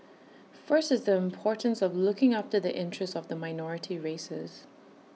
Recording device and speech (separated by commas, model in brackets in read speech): mobile phone (iPhone 6), read sentence